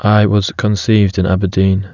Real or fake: real